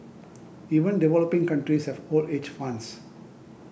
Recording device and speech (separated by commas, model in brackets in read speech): boundary microphone (BM630), read sentence